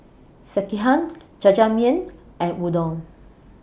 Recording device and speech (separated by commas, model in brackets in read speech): boundary microphone (BM630), read sentence